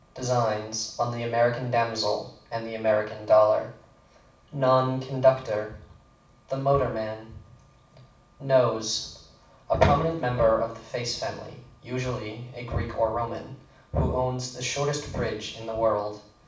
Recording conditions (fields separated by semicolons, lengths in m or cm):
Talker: one person; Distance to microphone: 5.8 m; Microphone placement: far; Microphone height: 1.8 m; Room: medium-sized (5.7 m by 4.0 m); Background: none